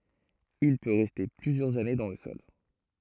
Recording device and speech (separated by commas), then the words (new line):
throat microphone, read sentence
Il peut rester plusieurs années dans le sol.